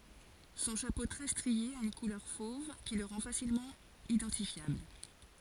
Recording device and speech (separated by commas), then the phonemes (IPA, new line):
forehead accelerometer, read sentence
sɔ̃ ʃapo tʁɛ stʁie a yn kulœʁ fov ki lə ʁɑ̃ fasilmɑ̃ idɑ̃tifjabl